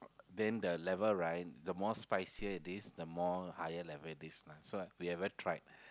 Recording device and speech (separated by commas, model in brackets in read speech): close-talking microphone, conversation in the same room